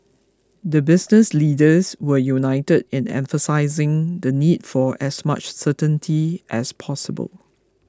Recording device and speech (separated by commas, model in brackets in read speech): close-talking microphone (WH20), read sentence